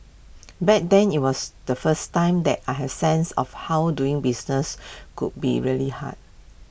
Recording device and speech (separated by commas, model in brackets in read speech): boundary microphone (BM630), read sentence